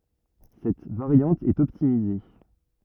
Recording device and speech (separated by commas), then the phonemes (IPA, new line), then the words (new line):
rigid in-ear microphone, read sentence
sɛt vaʁjɑ̃t ɛt ɔptimize
Cette variante est optimisée.